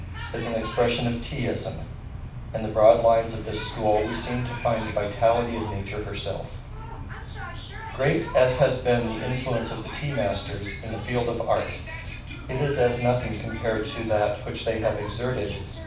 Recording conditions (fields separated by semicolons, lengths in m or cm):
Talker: one person; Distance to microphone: 5.8 m; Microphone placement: far; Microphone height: 1.8 m; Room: medium-sized (5.7 m by 4.0 m); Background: television